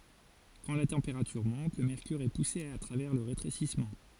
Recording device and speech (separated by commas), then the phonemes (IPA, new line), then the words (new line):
forehead accelerometer, read sentence
kɑ̃ la tɑ̃peʁatyʁ mɔ̃t lə mɛʁkyʁ ɛ puse a tʁavɛʁ lə ʁetʁesismɑ̃
Quand la température monte, le mercure est poussé à travers le rétrécissement.